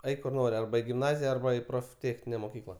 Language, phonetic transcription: Lithuanian, ˈeik kur ˈnori ˈarba i gimˈnazija ˈarba i profˈtėchnine moˈkykla

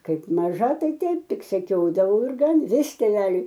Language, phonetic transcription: Lithuanian, ˈkaip ˈmaža ˈtai ˈteip ˈtik seˈkiodavau ir ˈgan ˈvis tėˈveliui

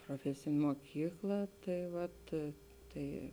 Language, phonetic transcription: Lithuanian, proˈfesėnė moˈkykla ˈtai ˈvat ˈtai

